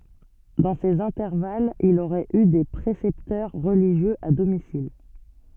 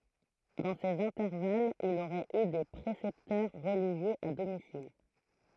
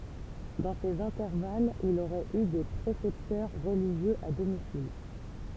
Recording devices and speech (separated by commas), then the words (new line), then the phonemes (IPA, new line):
soft in-ear microphone, throat microphone, temple vibration pickup, read sentence
Dans ces intervalles, il aurait eu des précepteurs religieux à domicile.
dɑ̃ sez ɛ̃tɛʁvalz il oʁɛt y de pʁesɛptœʁ ʁəliʒjøz a domisil